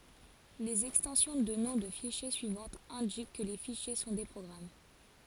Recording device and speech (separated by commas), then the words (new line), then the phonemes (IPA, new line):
forehead accelerometer, read sentence
Les extensions de noms de fichiers suivantes indiquent que les fichiers sont des programmes.
lez ɛkstɑ̃sjɔ̃ də nɔ̃ də fiʃje syivɑ̃tz ɛ̃dik kə le fiʃje sɔ̃ de pʁɔɡʁam